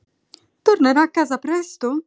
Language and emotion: Italian, surprised